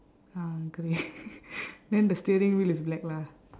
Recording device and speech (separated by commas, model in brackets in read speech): standing microphone, conversation in separate rooms